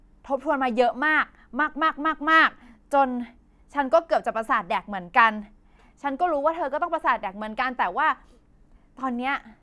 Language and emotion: Thai, frustrated